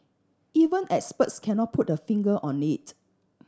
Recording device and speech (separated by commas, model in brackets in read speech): standing microphone (AKG C214), read sentence